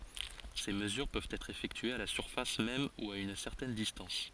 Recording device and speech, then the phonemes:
forehead accelerometer, read sentence
se məzyʁ pøvt ɛtʁ efɛktyez a la syʁfas mɛm u a yn sɛʁtɛn distɑ̃s

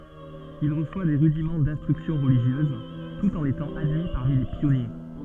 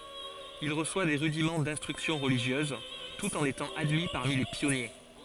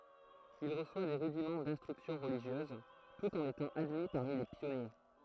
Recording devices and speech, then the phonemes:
soft in-ear microphone, forehead accelerometer, throat microphone, read sentence
il ʁəswa de ʁydimɑ̃ dɛ̃stʁyksjɔ̃ ʁəliʒjøz tut ɑ̃n etɑ̃ admi paʁmi le pjɔnje

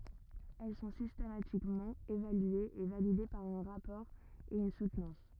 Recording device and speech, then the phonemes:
rigid in-ear microphone, read sentence
ɛl sɔ̃ sistematikmɑ̃ evalyez e valide paʁ œ̃ ʁapɔʁ e yn sutnɑ̃s

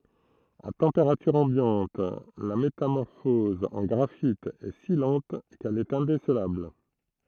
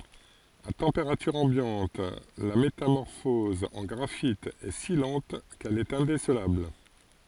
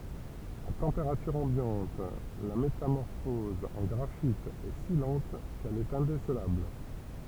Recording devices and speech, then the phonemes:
throat microphone, forehead accelerometer, temple vibration pickup, read sentence
a tɑ̃peʁatyʁ ɑ̃bjɑ̃t la metamɔʁfɔz ɑ̃ ɡʁafit ɛ si lɑ̃t kɛl ɛt ɛ̃desəlabl

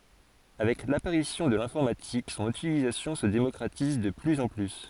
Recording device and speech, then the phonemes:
forehead accelerometer, read sentence
avɛk lapaʁisjɔ̃ də lɛ̃fɔʁmatik sɔ̃n ytilizasjɔ̃ sə demɔkʁatiz də plyz ɑ̃ ply

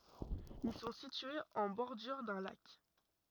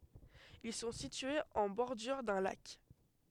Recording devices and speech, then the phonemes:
rigid in-ear microphone, headset microphone, read sentence
il sɔ̃ sityez ɑ̃ bɔʁdyʁ dœ̃ lak

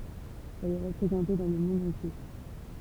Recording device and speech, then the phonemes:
temple vibration pickup, read sentence
ɛl ɛ ʁəpʁezɑ̃te dɑ̃ lə mɔ̃d ɑ̃tje

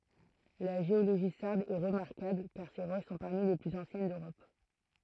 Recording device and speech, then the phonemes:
throat microphone, read sentence
la ʒeoloʒi saʁd ɛ ʁəmaʁkabl kaʁ se ʁoʃ sɔ̃ paʁmi le plyz ɑ̃sjɛn døʁɔp

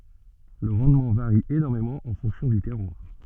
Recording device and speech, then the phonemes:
soft in-ear microphone, read sentence
lə ʁɑ̃dmɑ̃ vaʁi enɔʁmemɑ̃ ɑ̃ fɔ̃ksjɔ̃ dy tɛʁwaʁ

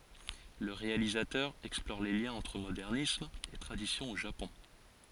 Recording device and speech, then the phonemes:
forehead accelerometer, read sentence
lə ʁealizatœʁ ɛksplɔʁ le ljɛ̃z ɑ̃tʁ modɛʁnism e tʁadisjɔ̃ o ʒapɔ̃

